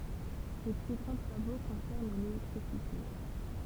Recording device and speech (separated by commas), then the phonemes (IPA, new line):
temple vibration pickup, read sentence
se ply ɡʁɑ̃ tʁavo kɔ̃sɛʁn lelɛktʁisite